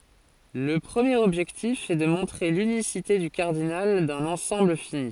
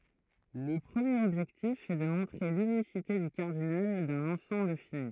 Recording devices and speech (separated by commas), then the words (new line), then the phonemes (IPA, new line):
forehead accelerometer, throat microphone, read sentence
Le premier objectif est de montrer l'unicité du cardinal d'un ensemble fini.
lə pʁəmjeʁ ɔbʒɛktif ɛ də mɔ̃tʁe lynisite dy kaʁdinal dœ̃n ɑ̃sɑ̃bl fini